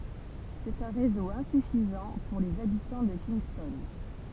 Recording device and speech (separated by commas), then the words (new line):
temple vibration pickup, read sentence
C'est un réseau insuffisant pour les habitants de Kingston.